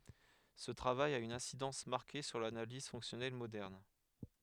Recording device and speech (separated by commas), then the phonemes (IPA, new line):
headset microphone, read sentence
sə tʁavaj a yn ɛ̃sidɑ̃s maʁke syʁ lanaliz fɔ̃ksjɔnɛl modɛʁn